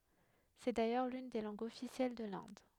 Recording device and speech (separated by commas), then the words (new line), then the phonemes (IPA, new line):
headset microphone, read sentence
C'est d'ailleurs l'une des langues officielles de l'Inde.
sɛ dajœʁ lyn de lɑ̃ɡz ɔfisjɛl də lɛ̃d